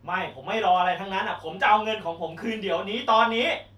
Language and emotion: Thai, angry